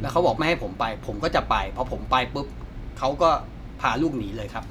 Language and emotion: Thai, frustrated